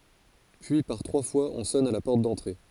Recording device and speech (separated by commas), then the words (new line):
forehead accelerometer, read sentence
Puis par trois fois on sonne à la porte d’entrée.